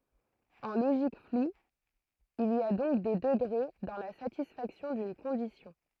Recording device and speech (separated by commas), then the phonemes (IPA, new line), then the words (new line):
throat microphone, read sentence
ɑ̃ loʒik flu il i a dɔ̃k de dəɡʁe dɑ̃ la satisfaksjɔ̃ dyn kɔ̃disjɔ̃
En logique floue, il y a donc des degrés dans la satisfaction d'une condition.